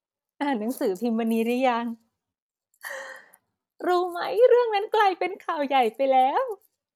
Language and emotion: Thai, happy